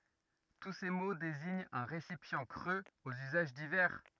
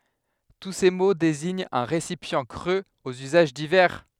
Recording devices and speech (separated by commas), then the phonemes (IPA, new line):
rigid in-ear microphone, headset microphone, read sentence
tu se mo deziɲt œ̃ ʁesipjɑ̃ kʁøz oz yzaʒ divɛʁ